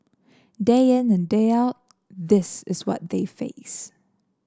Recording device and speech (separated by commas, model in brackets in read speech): standing microphone (AKG C214), read sentence